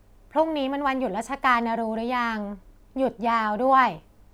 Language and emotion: Thai, neutral